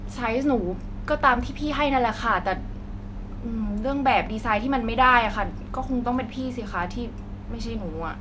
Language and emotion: Thai, frustrated